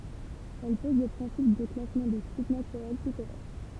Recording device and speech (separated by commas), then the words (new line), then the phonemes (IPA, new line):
temple vibration pickup, read sentence
Elle pose le principe de classement des sites naturels pittoresques.
ɛl pɔz lə pʁɛ̃sip də klasmɑ̃ de sit natyʁɛl pitoʁɛsk